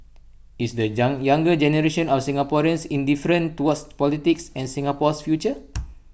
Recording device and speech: boundary microphone (BM630), read sentence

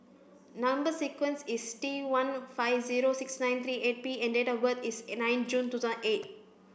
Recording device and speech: boundary microphone (BM630), read sentence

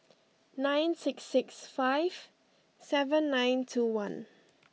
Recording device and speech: mobile phone (iPhone 6), read sentence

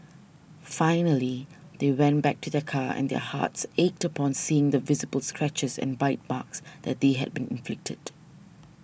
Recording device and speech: boundary microphone (BM630), read sentence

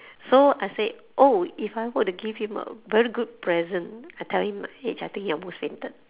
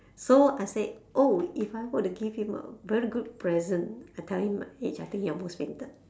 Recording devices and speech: telephone, standing microphone, conversation in separate rooms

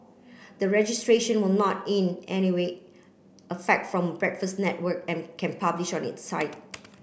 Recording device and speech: boundary microphone (BM630), read sentence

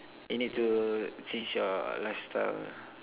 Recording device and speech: telephone, conversation in separate rooms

